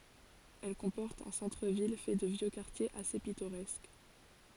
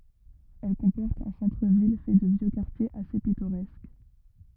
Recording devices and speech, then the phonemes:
forehead accelerometer, rigid in-ear microphone, read sentence
ɛl kɔ̃pɔʁt œ̃ sɑ̃tʁ vil fɛ də vjø kaʁtjez ase pitoʁɛsk

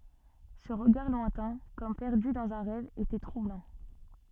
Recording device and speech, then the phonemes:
soft in-ear microphone, read sentence
sə ʁəɡaʁ lwɛ̃tɛ̃ kɔm pɛʁdy dɑ̃z œ̃ ʁɛv etɛ tʁublɑ̃

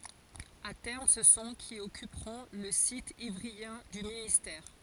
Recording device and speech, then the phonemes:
forehead accelerometer, read sentence
a tɛʁm sə sɔ̃ ki ɔkypʁɔ̃ lə sit ivʁiɑ̃ dy ministɛʁ

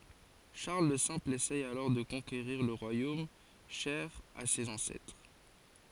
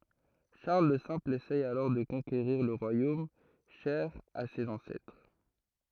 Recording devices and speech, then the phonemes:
forehead accelerometer, throat microphone, read sentence
ʃaʁl lə sɛ̃pl esɛ alɔʁ də kɔ̃keʁiʁ lə ʁwajom ʃɛʁ a sez ɑ̃sɛtʁ

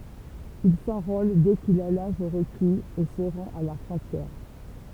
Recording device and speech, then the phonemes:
temple vibration pickup, read sentence
il sɑ̃ʁol dɛ kil a laʒ ʁəkiz e sə ʁɑ̃t a la fʁɔ̃tjɛʁ

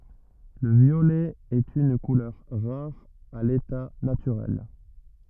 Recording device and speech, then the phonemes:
rigid in-ear microphone, read sentence
lə vjolɛ ɛt yn kulœʁ ʁaʁ a leta natyʁɛl

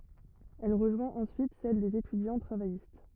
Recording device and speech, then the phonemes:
rigid in-ear microphone, read sentence
ɛl ʁəʒwɛ̃t ɑ̃syit sɛl dez etydjɑ̃ tʁavajist

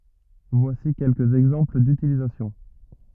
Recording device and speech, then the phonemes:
rigid in-ear microphone, read sentence
vwasi kɛlkəz ɛɡzɑ̃pl dytilizasjɔ̃

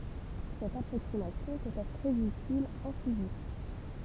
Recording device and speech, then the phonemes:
temple vibration pickup, read sentence
sɛt apʁoksimasjɔ̃ pøt ɛtʁ tʁɛz ytil ɑ̃ fizik

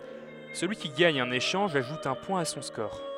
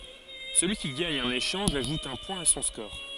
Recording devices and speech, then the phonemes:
headset microphone, forehead accelerometer, read sentence
səlyi ki ɡaɲ œ̃n eʃɑ̃ʒ aʒut œ̃ pwɛ̃ a sɔ̃ skɔʁ

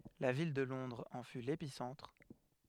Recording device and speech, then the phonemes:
headset microphone, read sentence
la vil də lɔ̃dʁz ɑ̃ fy lepisɑ̃tʁ

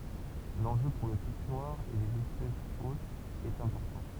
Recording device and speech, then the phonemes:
temple vibration pickup, read sentence
lɑ̃ʒø puʁ lə pik nwaʁ e lez ɛspɛsz otz ɛt ɛ̃pɔʁtɑ̃

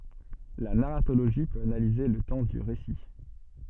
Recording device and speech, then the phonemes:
soft in-ear microphone, read sentence
la naʁatoloʒi pøt analize lə tɑ̃ dy ʁesi

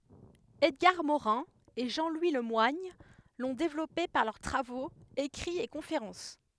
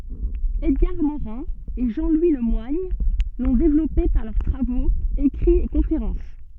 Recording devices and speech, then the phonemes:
headset microphone, soft in-ear microphone, read sentence
ɛdɡaʁ moʁɛ̃ e ʒɑ̃ lwi lə mwaɲ lɔ̃ devlɔpe paʁ lœʁ tʁavoz ekʁiz e kɔ̃feʁɑ̃s

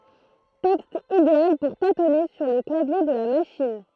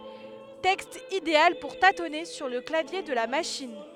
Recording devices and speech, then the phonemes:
throat microphone, headset microphone, read sentence
tɛkst ideal puʁ tatɔne syʁ lə klavje də la maʃin

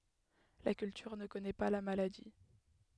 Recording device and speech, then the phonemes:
headset microphone, read sentence
la kyltyʁ nə kɔnɛ pa la maladi

